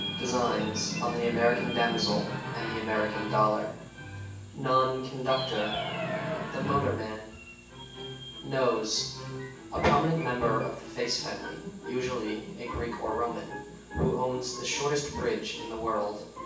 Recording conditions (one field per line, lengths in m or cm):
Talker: one person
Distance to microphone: 9.8 m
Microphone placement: far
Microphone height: 1.8 m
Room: large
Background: television